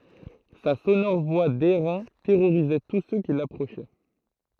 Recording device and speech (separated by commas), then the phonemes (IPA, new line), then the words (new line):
throat microphone, read sentence
sa sonɔʁ vwa dɛʁɛ̃ tɛʁoʁizɛ tus sø ki lapʁoʃɛ
Sa sonore voix d'airain terrorisait tous ceux qui l'approchaient.